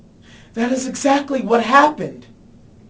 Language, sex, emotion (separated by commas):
English, male, fearful